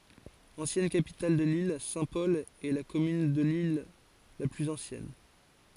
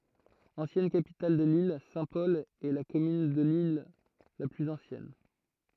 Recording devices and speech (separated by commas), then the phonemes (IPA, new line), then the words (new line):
forehead accelerometer, throat microphone, read sentence
ɑ̃sjɛn kapital də lil sɛ̃tpɔl ɛ la kɔmyn də lil la plyz ɑ̃sjɛn
Ancienne capitale de l'île, Saint-Paul est la commune de l'île la plus ancienne.